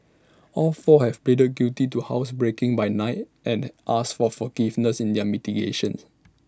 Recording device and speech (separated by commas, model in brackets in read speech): standing microphone (AKG C214), read sentence